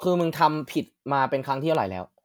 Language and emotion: Thai, frustrated